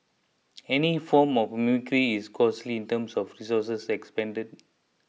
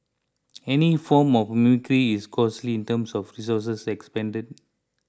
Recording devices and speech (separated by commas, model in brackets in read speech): mobile phone (iPhone 6), close-talking microphone (WH20), read sentence